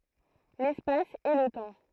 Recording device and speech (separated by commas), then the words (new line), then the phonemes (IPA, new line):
throat microphone, read sentence
L'espace et le temps.
lɛspas e lə tɑ̃